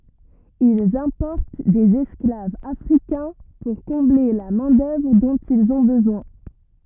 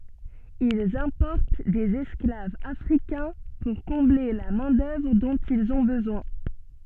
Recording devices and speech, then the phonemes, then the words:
rigid in-ear microphone, soft in-ear microphone, read sentence
ilz ɛ̃pɔʁt dez ɛsklavz afʁikɛ̃ puʁ kɔ̃ble la mɛ̃ dœvʁ dɔ̃t ilz ɔ̃ bəzwɛ̃
Ils importent des esclaves africains pour combler la main-d'œuvre dont ils ont besoin.

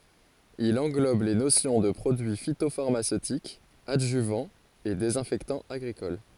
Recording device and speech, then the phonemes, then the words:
forehead accelerometer, read sentence
il ɑ̃ɡlɔb le nosjɔ̃ də pʁodyi fitofaʁmasøtik adʒyvɑ̃ e dezɛ̃fɛktɑ̃ aɡʁikɔl
Il englobe les notions de produit phytopharmaceutique, adjuvant et désinfectant agricole.

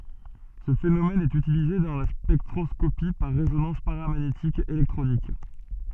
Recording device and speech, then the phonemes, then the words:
soft in-ear microphone, read sentence
sə fenomɛn ɛt ytilize dɑ̃ la spɛktʁɔskopi paʁ ʁezonɑ̃s paʁamaɲetik elɛktʁonik
Ce phénomène est utilisé dans la spectroscopie par résonance paramagnétique électronique.

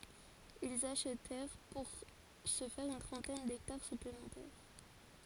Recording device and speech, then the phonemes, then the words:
forehead accelerometer, read sentence
ilz aʃtɛʁ puʁ sə fɛʁ yn tʁɑ̃tɛn dɛktaʁ syplemɑ̃tɛʁ
Ils achetèrent pour ce faire une trentaine d’hectares supplémentaires.

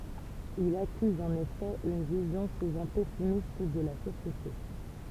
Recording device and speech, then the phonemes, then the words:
temple vibration pickup, read sentence
il akyz ɑ̃n efɛ yn vizjɔ̃ suvɑ̃ pɛsimist də la sosjete
Il accuse en effet une vision souvent pessimiste de la société.

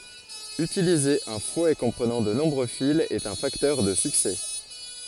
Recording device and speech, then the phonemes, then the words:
forehead accelerometer, read sentence
ytilize œ̃ fwɛ kɔ̃pʁənɑ̃ də nɔ̃bʁø filz ɛt œ̃ faktœʁ də syksɛ
Utiliser un fouet comprenant de nombreux fils est un facteur de succès.

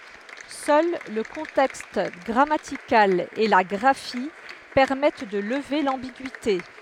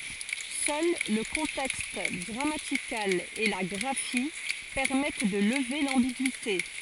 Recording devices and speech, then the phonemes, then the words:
headset microphone, forehead accelerometer, read sentence
sœl lə kɔ̃tɛkst ɡʁamatikal e la ɡʁafi pɛʁmɛt də ləve lɑ̃biɡyite
Seul le contexte grammatical et la graphie permettent de lever l'ambigüité.

